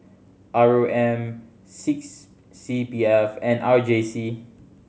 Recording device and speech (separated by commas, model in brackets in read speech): mobile phone (Samsung C7100), read sentence